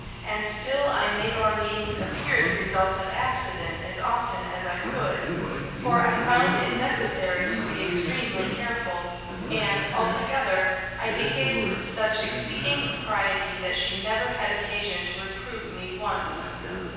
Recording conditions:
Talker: one person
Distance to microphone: 7.1 m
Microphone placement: far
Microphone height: 1.7 m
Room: very reverberant, large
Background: television

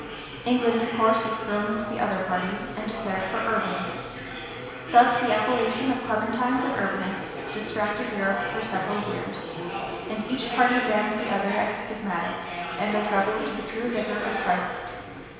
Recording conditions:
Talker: one person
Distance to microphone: 1.7 m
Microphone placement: close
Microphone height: 1.0 m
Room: very reverberant, large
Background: babble

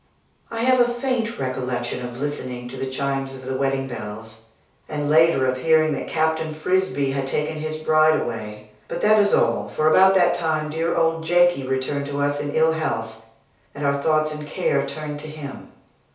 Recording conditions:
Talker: one person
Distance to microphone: 3.0 m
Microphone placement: far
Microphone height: 1.8 m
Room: small (3.7 m by 2.7 m)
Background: none

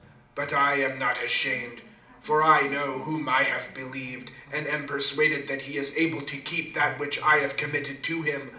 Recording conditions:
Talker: one person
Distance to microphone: 2.0 m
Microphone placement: close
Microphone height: 99 cm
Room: medium-sized (5.7 m by 4.0 m)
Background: television

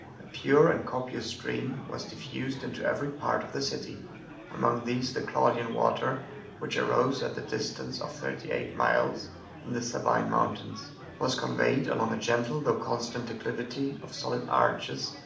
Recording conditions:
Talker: one person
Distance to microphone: 2.0 m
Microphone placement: close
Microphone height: 99 cm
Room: medium-sized (5.7 m by 4.0 m)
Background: babble

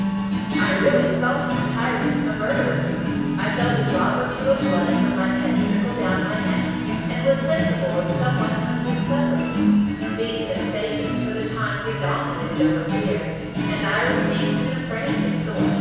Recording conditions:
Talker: one person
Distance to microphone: 7.1 m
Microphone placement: far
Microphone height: 1.7 m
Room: very reverberant, large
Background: music

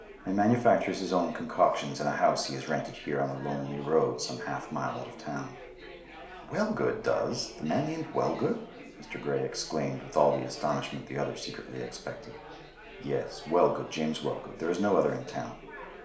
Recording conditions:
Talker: one person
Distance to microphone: 1.0 m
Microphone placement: close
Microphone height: 1.1 m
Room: small (3.7 m by 2.7 m)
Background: babble

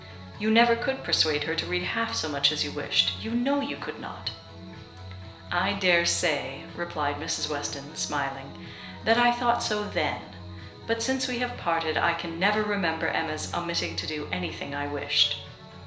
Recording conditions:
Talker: one person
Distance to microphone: 1.0 m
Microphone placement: close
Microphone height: 1.1 m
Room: small (3.7 m by 2.7 m)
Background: music

